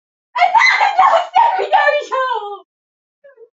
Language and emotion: English, sad